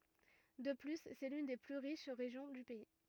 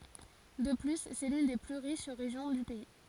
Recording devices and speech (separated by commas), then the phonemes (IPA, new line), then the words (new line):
rigid in-ear microphone, forehead accelerometer, read sentence
də ply sɛ lyn de ply ʁiʃ ʁeʒjɔ̃ dy pɛi
De plus, c'est l'une des plus riches régions du pays.